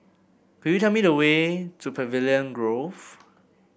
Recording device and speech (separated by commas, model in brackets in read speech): boundary microphone (BM630), read sentence